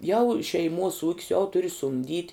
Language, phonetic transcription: Lithuanian, jau šeiˈmuos ūk's jau ˈturi sumˈdyt'

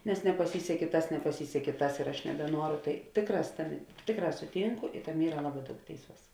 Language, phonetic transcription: Lithuanian, nes nepaˈsysekė ˈtas nepaˈsysekė ˈtas ir ˈaš nebeˈnuoru ˈtai ˈtėkˌrās ˈtaˌmė ˈtėkˌrā suˈtynku i ˈtaˌmė ˈyra ˈlaˌbā ˈdaug ˈtėiˌsuos

